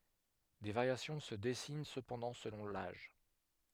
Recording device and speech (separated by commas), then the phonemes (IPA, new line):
headset microphone, read sentence
de vaʁjasjɔ̃ sə dɛsin səpɑ̃dɑ̃ səlɔ̃ laʒ